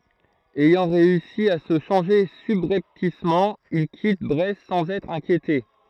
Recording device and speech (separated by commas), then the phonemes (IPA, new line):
throat microphone, read sentence
ɛjɑ̃ ʁeysi a sə ʃɑ̃ʒe sybʁɛptismɑ̃ il kit bʁɛst sɑ̃z ɛtʁ ɛ̃kjete